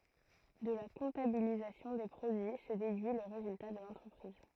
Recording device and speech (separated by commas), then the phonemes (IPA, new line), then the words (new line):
throat microphone, read sentence
də la kɔ̃tabilizasjɔ̃ de pʁodyi sə dedyi lə ʁezylta də lɑ̃tʁəpʁiz
De la comptabilisation des produits se déduit le résultat de l'entreprise.